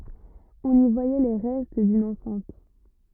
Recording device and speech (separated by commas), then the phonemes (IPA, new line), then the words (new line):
rigid in-ear microphone, read sentence
ɔ̃n i vwajɛ le ʁɛst dyn ɑ̃sɛ̃t
On y voyait les restes d'une enceinte.